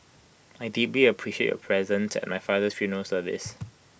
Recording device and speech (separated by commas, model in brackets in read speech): boundary microphone (BM630), read sentence